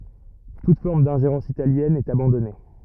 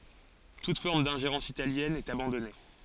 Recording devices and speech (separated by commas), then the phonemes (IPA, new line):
rigid in-ear microphone, forehead accelerometer, read sentence
tut fɔʁm dɛ̃ʒeʁɑ̃s italjɛn ɛt abɑ̃dɔne